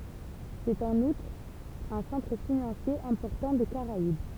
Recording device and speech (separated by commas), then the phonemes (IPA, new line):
temple vibration pickup, read sentence
sɛt ɑ̃n utʁ œ̃ sɑ̃tʁ finɑ̃sje ɛ̃pɔʁtɑ̃ de kaʁaib